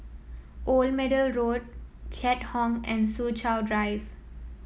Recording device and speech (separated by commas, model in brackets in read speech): mobile phone (iPhone 7), read sentence